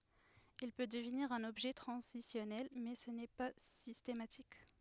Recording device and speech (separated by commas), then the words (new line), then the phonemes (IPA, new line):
headset microphone, read sentence
Il peut devenir un objet transitionnel mais ce n'est pas systématique.
il pø dəvniʁ œ̃n ɔbʒɛ tʁɑ̃zisjɔnɛl mɛ sə nɛ pa sistematik